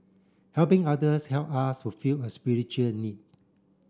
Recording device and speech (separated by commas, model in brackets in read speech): standing microphone (AKG C214), read sentence